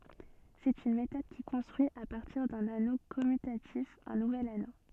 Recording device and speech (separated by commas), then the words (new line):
soft in-ear microphone, read sentence
C'est une méthode qui construit à partir d'un anneau commutatif un nouvel anneau.